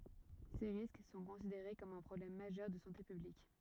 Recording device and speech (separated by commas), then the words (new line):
rigid in-ear microphone, read sentence
Ces risques sont considérés comme un problème majeur de santé publique.